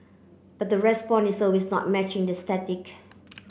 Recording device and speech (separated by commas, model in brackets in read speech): boundary microphone (BM630), read sentence